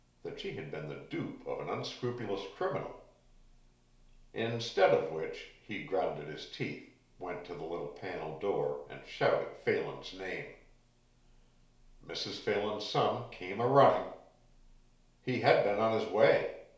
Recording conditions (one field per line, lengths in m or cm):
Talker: one person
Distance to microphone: 1.0 m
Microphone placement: close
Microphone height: 1.1 m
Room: small (3.7 m by 2.7 m)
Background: none